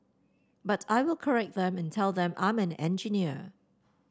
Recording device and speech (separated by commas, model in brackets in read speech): standing microphone (AKG C214), read sentence